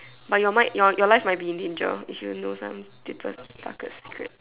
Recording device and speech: telephone, conversation in separate rooms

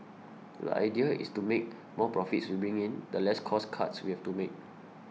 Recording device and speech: mobile phone (iPhone 6), read sentence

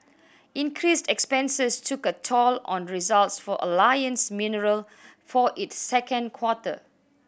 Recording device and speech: boundary microphone (BM630), read sentence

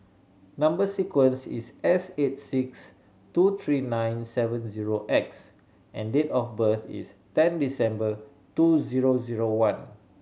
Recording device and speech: mobile phone (Samsung C7100), read sentence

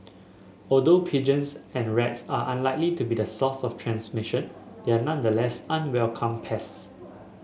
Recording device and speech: mobile phone (Samsung S8), read sentence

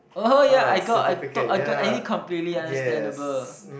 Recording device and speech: boundary microphone, conversation in the same room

